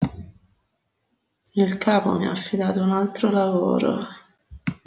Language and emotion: Italian, sad